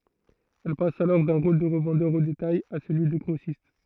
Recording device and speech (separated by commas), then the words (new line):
throat microphone, read sentence
Elle passe alors d’un rôle de revendeur au détail à celui de grossiste.